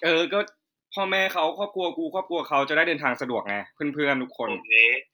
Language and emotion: Thai, neutral